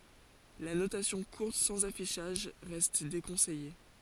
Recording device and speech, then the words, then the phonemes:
forehead accelerometer, read sentence
La notation courte sans affichage reste déconseillée.
la notasjɔ̃ kuʁt sɑ̃z afiʃaʒ ʁɛst dekɔ̃sɛje

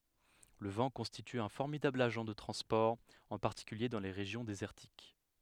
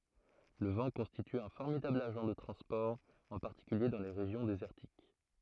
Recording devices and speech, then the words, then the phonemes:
headset microphone, throat microphone, read sentence
Le vent constitue un formidable agent de transport, en particulier dans les régions désertiques.
lə vɑ̃ kɔ̃stity œ̃ fɔʁmidabl aʒɑ̃ də tʁɑ̃spɔʁ ɑ̃ paʁtikylje dɑ̃ le ʁeʒjɔ̃ dezɛʁtik

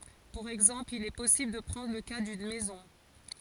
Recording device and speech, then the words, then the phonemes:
forehead accelerometer, read sentence
Pour exemple, il est possible de prendre le cas d'une maison.
puʁ ɛɡzɑ̃pl il ɛ pɔsibl də pʁɑ̃dʁ lə ka dyn mɛzɔ̃

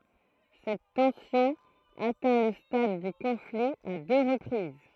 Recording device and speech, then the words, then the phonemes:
throat microphone, read sentence
Cette tension atteint le stade du conflit à deux reprises.
sɛt tɑ̃sjɔ̃ atɛ̃ lə stad dy kɔ̃fli a dø ʁəpʁiz

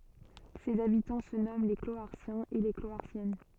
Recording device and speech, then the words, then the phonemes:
soft in-ear microphone, read sentence
Ses habitants se nomment les Cloharsiens et les Cloharsiennes.
sez abitɑ̃ sə nɔmɑ̃ le kloaʁsjɛ̃z e le kloaʁsjɛn

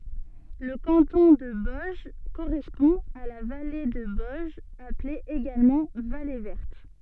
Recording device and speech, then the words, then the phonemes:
soft in-ear microphone, read sentence
Le canton de Boëge correspond à la vallée de Boëge appelée également vallée Verte.
lə kɑ̃tɔ̃ də bɔɛʒ koʁɛspɔ̃ a la vale də bɔɛʒ aple eɡalmɑ̃ vale vɛʁt

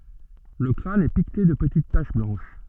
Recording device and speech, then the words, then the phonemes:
soft in-ear microphone, read sentence
Le crâne est piqueté de petites taches blanches.
lə kʁan ɛ pikte də pətit taʃ blɑ̃ʃ

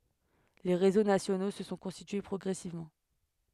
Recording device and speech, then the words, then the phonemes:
headset microphone, read sentence
Les réseaux nationaux se sont constitués progressivement.
le ʁezo nasjono sə sɔ̃ kɔ̃stitye pʁɔɡʁɛsivmɑ̃

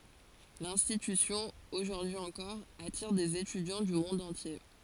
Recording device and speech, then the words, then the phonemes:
forehead accelerometer, read sentence
L'institution, aujourd’hui encore, attire des étudiants du monde entier.
lɛ̃stitysjɔ̃ oʒuʁdyi ɑ̃kɔʁ atiʁ dez etydjɑ̃ dy mɔ̃d ɑ̃tje

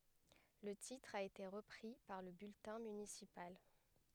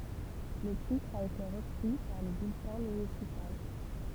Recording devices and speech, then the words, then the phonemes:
headset microphone, temple vibration pickup, read sentence
Le titre a été repris par le bulletin municipal.
lə titʁ a ete ʁəpʁi paʁ lə byltɛ̃ mynisipal

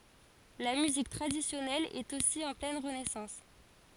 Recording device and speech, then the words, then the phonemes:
forehead accelerometer, read sentence
La musique traditionnelle est aussi en pleine renaissance.
la myzik tʁadisjɔnɛl ɛt osi ɑ̃ plɛn ʁənɛsɑ̃s

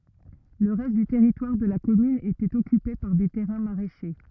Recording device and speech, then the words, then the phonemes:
rigid in-ear microphone, read sentence
Le reste du territoire de la commune était occupé par des terrains maraîchers.
lə ʁɛst dy tɛʁitwaʁ də la kɔmyn etɛt ɔkype paʁ de tɛʁɛ̃ maʁɛʃe

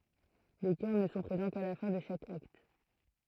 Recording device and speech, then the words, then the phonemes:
throat microphone, read sentence
Les chœurs ne sont présents qu'à la fin de chaque acte.
le kœʁ nə sɔ̃ pʁezɑ̃ ka la fɛ̃ də ʃak akt

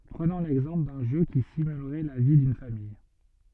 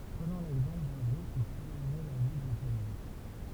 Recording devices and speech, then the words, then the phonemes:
soft in-ear microphone, temple vibration pickup, read sentence
Prenons l'exemple d'un jeu qui simulerait la vie d'une famille.
pʁənɔ̃ lɛɡzɑ̃pl dœ̃ ʒø ki simylʁɛ la vi dyn famij

